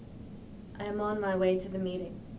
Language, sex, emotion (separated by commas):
English, female, neutral